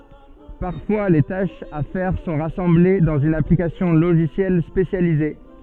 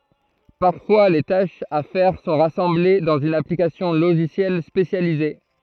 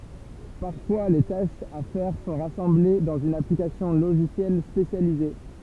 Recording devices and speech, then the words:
soft in-ear microphone, throat microphone, temple vibration pickup, read sentence
Parfois, les tâches à faire sont rassemblées dans une application logicielle spécialisée.

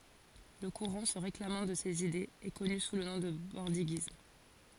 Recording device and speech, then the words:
forehead accelerometer, read sentence
Le courant se réclamant de ses idées est connu sous le nom de bordiguisme.

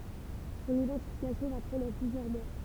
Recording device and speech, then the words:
temple vibration pickup, read sentence
Son identification va prendre plusieurs mois.

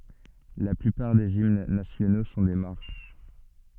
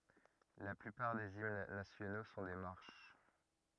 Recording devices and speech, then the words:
soft in-ear microphone, rigid in-ear microphone, read sentence
La plupart des hymnes nationaux sont des marches.

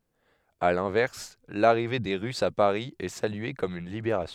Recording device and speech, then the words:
headset microphone, read sentence
À l'inverse, l'arrivée des Russes à Paris est saluée comme une libération.

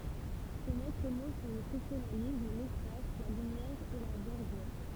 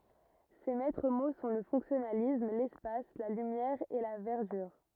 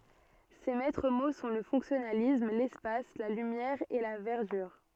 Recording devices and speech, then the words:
temple vibration pickup, rigid in-ear microphone, soft in-ear microphone, read sentence
Ses maîtres mots sont le fonctionnalisme, l'espace, la lumière et la verdure.

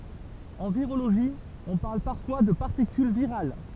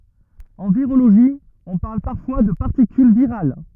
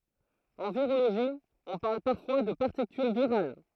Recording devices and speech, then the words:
temple vibration pickup, rigid in-ear microphone, throat microphone, read sentence
En virologie, on parle parfois de particule virale.

